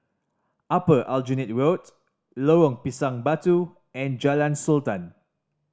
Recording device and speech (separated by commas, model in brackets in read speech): standing microphone (AKG C214), read sentence